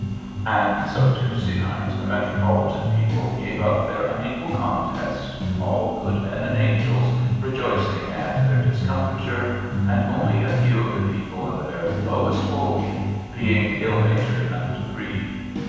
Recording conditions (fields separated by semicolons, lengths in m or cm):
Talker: one person; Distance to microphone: 7.1 m; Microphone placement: far; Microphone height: 1.7 m; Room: very reverberant, large; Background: music